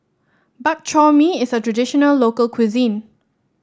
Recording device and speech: standing microphone (AKG C214), read sentence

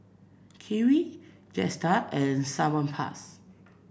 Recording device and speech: boundary microphone (BM630), read sentence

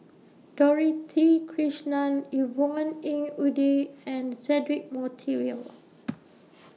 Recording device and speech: mobile phone (iPhone 6), read sentence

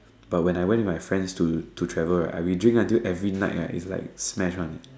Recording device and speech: standing microphone, conversation in separate rooms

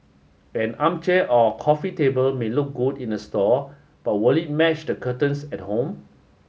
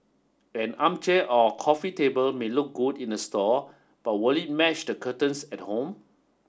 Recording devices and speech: mobile phone (Samsung S8), standing microphone (AKG C214), read sentence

